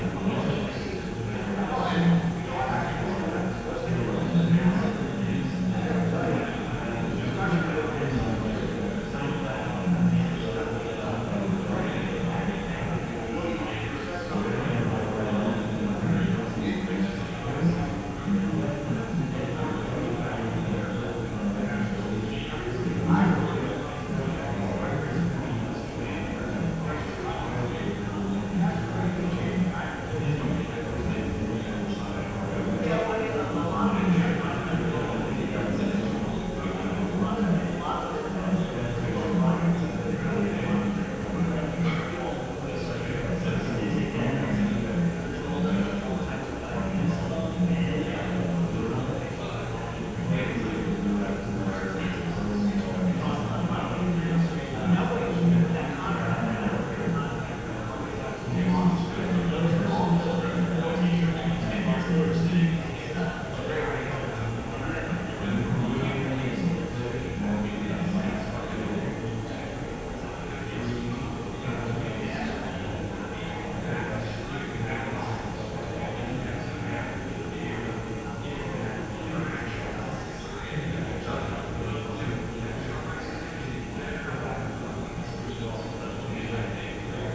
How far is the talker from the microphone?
No main talker.